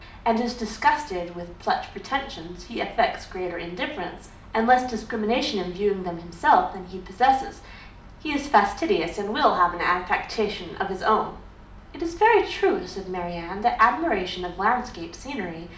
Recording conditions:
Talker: one person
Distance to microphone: 2.0 m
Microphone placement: close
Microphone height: 99 cm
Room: medium-sized (5.7 m by 4.0 m)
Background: none

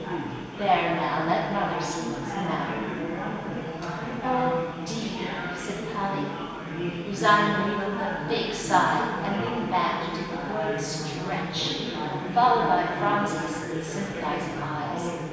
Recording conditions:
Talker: one person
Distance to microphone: 1.7 m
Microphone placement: close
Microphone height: 1.0 m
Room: very reverberant, large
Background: babble

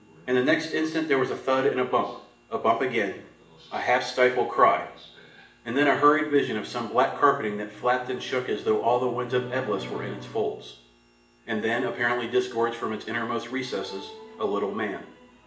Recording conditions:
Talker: one person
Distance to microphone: 1.8 m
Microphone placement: close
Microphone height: 1.0 m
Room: large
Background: television

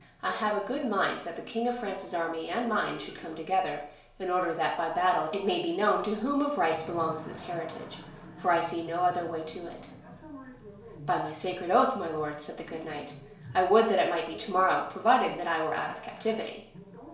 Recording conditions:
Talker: one person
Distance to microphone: 1.0 m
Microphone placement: close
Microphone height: 1.1 m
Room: small (3.7 m by 2.7 m)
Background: television

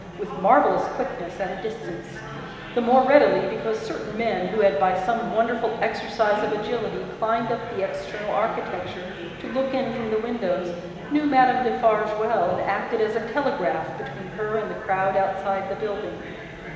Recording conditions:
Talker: one person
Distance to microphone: 1.7 m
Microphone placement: close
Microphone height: 1.0 m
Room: very reverberant, large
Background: babble

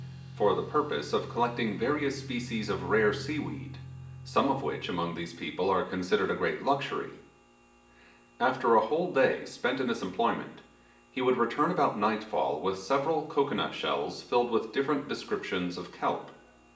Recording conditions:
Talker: one person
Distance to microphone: 1.8 m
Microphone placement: close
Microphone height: 1.0 m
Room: large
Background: music

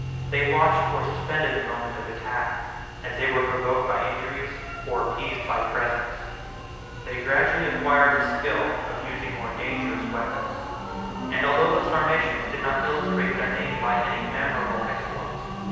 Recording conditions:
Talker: one person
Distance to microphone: 7.1 m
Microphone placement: far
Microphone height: 1.7 m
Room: very reverberant, large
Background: music

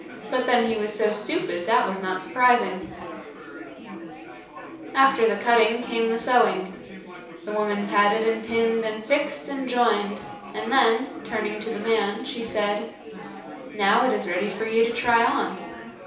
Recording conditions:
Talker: one person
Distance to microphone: 3.0 m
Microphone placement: far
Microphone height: 1.8 m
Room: small (3.7 m by 2.7 m)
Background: babble

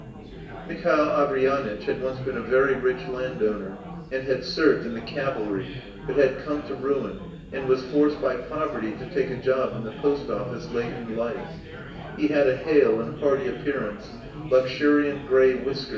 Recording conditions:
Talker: one person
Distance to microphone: 1.8 m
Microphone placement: close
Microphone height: 1.0 m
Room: large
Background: babble

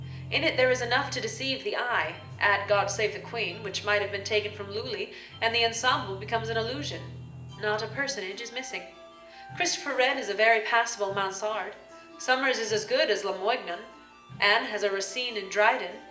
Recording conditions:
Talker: one person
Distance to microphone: 1.8 m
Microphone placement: close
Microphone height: 1.0 m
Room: large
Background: music

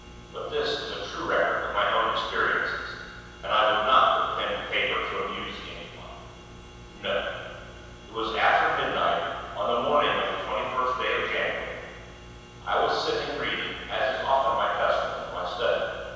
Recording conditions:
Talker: one person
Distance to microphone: 7.1 m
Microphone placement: far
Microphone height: 1.7 m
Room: very reverberant, large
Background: none

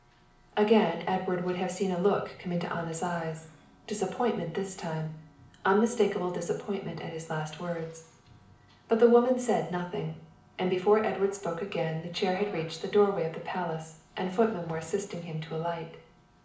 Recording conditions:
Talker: one person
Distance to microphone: 2.0 m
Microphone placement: close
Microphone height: 99 cm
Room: medium-sized (5.7 m by 4.0 m)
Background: television

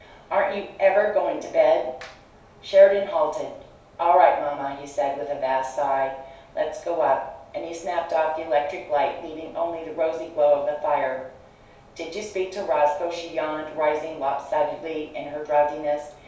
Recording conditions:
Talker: one person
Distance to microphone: 3.0 m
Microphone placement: far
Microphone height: 1.8 m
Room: small (3.7 m by 2.7 m)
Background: none

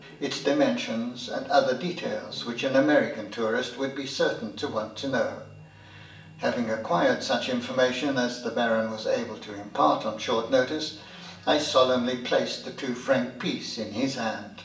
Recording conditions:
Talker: one person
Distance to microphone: 1.8 m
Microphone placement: close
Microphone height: 1.0 m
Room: large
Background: television

